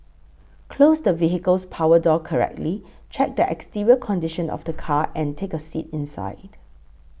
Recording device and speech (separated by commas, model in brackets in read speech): boundary microphone (BM630), read sentence